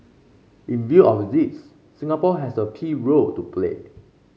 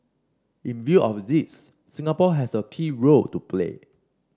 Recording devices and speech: mobile phone (Samsung C5), standing microphone (AKG C214), read sentence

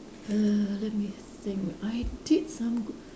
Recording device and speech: standing microphone, conversation in separate rooms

